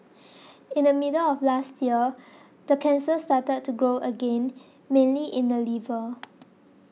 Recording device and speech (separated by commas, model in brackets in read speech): mobile phone (iPhone 6), read sentence